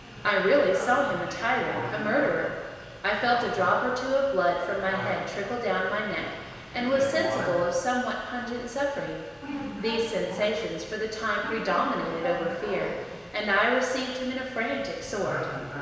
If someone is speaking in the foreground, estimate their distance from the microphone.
1.7 m.